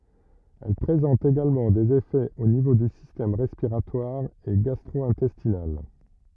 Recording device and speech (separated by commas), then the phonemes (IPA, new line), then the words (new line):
rigid in-ear microphone, read sentence
ɛl pʁezɑ̃t eɡalmɑ̃ dez efɛz o nivo dy sistɛm ʁɛspiʁatwaʁ e ɡastʁo ɛ̃tɛstinal
Elle présente également des effets au niveau du système respiratoire et gastro-intestinal.